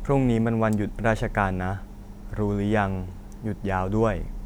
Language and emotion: Thai, neutral